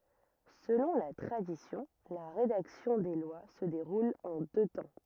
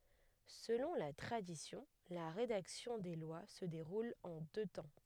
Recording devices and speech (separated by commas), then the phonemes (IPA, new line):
rigid in-ear microphone, headset microphone, read sentence
səlɔ̃ la tʁadisjɔ̃ la ʁedaksjɔ̃ de lwa sə deʁul ɑ̃ dø tɑ̃